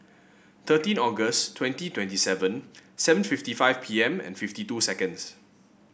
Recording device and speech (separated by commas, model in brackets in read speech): boundary microphone (BM630), read sentence